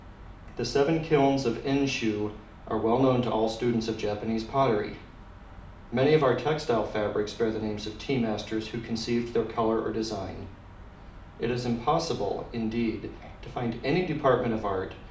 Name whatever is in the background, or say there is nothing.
Nothing.